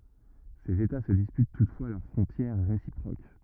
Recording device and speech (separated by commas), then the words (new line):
rigid in-ear microphone, read sentence
Ces états se disputent toutefois leurs frontières réciproques.